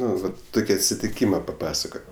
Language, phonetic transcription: Lithuanian, ˈnu ˈvat ˈtuki atsitiˈkyma paˈpasakot'

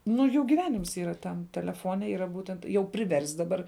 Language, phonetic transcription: Lithuanian, ˈnu ˈjų gyˈvenims ˈyra ˈtam teleˈfone ˈyra ˈbūtent jau priˈverst' daˈbar

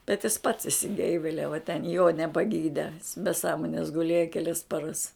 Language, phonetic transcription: Lithuanian, bet jis pats išsiˈgeiveliava ten jo nepaˈgyde be ˈsąmones guˈlėja keˈlias paˈras

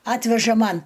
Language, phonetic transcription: Lithuanian, ˈatveža ˈman

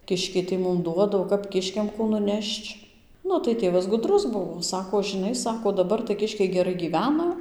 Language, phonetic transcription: Lithuanian, ˈkiškiai tai ˈmum ˈduoda o ˈkap ˈkiškiam ˈkų nuˈnešč ˈnu tai ˈtėvas guˈdrus ˈbuvo ˈsako žɨˈnai ˈsako daˈbar tai ˈkiškiai geˈrai gyˈvena

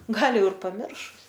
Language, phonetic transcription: Lithuanian, ˈgal ˈjau ir paˈmiršus

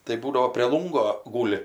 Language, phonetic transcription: Lithuanian, tai ˈbūdavo prė ˈlungo ˈgūli

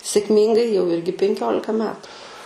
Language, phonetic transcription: Lithuanian, sėkˈmyngai jau ˈirgi penˈkiolika ˈmetu

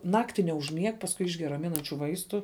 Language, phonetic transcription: Lithuanian, ˈnakti neužˈmieg pasˈkui ˈišger raˈminančiu ˈvaistu

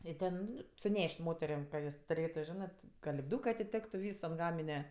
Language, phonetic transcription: Lithuanian, i ˈten ˈnu suˈneš't' ˈmoterėm ka ˈjos tuˈrėtu ˈžinɜ ti ka lipˈdūkɜ atiˈtektu ˈvys ant ˈgamine

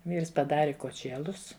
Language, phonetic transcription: Lithuanian, ˈvyrs paˈdari koˈčėlus

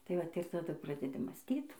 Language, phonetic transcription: Lithuanian, tai ˈvat ir taˈdu ˈpradedi mąsˈtyt

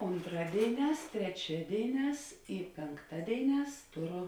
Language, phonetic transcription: Lithuanian, onˈtradėiˌnēs treˈčiadėiˌnēs i pėnˈktadėiˌnēs ˈtoˌru

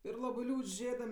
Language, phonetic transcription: Lithuanian, ir ˈlabɜ ˈliūdž' ˈžėdam

